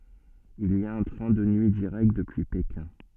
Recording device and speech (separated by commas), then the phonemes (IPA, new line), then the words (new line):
soft in-ear microphone, read sentence
il i a œ̃ tʁɛ̃ də nyi diʁɛkt dəpyi pekɛ̃
Il y a un train de nuit direct depuis Pékin.